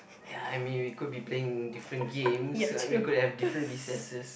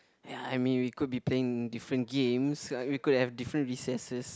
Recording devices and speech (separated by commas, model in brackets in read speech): boundary microphone, close-talking microphone, conversation in the same room